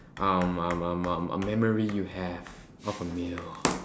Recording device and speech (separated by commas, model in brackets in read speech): standing microphone, conversation in separate rooms